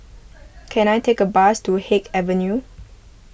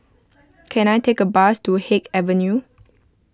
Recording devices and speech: boundary microphone (BM630), close-talking microphone (WH20), read sentence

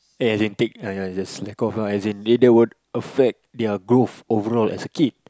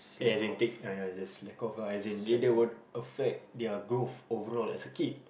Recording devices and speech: close-talking microphone, boundary microphone, conversation in the same room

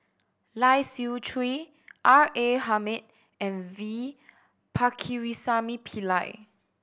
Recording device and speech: boundary microphone (BM630), read sentence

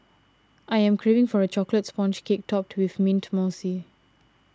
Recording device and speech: standing microphone (AKG C214), read sentence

